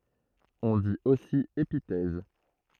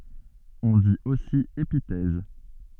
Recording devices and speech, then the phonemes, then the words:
throat microphone, soft in-ear microphone, read sentence
ɔ̃ dit osi epitɛz
On dit aussi épithèse.

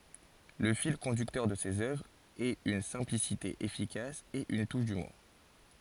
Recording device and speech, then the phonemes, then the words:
forehead accelerometer, read sentence
lə fil kɔ̃dyktœʁ də sez œvʁz ɛt yn sɛ̃plisite efikas e yn tuʃ dymuʁ
Le fil conducteur de ses œuvres est une simplicité efficace et une touche d'humour.

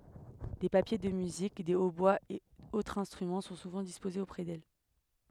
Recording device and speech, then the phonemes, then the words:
headset microphone, read sentence
de papje də myzik de otbwaz e otʁz ɛ̃stʁymɑ̃ sɔ̃ suvɑ̃ dispozez opʁɛ dɛl
Des papiers de musique, des hautbois et autres instruments sont souvent disposés auprès d'elle.

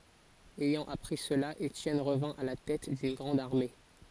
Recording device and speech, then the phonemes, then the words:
forehead accelerometer, read sentence
ɛjɑ̃ apʁi səla etjɛn ʁəvɛ̃ a la tɛt dyn ɡʁɑ̃d aʁme
Ayant appris cela, Étienne revint à la tête d'une grande armée.

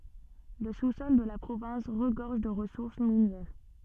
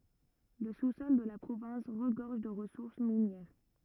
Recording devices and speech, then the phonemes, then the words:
soft in-ear microphone, rigid in-ear microphone, read sentence
lə susɔl də la pʁovɛ̃s ʁəɡɔʁʒ də ʁəsuʁs minjɛʁ
Le sous-sol de la province regorge de ressources minières.

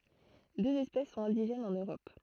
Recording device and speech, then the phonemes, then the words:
throat microphone, read sentence
døz ɛspɛs sɔ̃t ɛ̃diʒɛnz ɑ̃n øʁɔp
Deux espèces sont indigènes en Europe.

